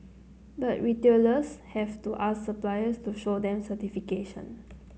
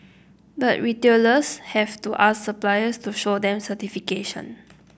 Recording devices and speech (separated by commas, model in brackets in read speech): mobile phone (Samsung C9), boundary microphone (BM630), read sentence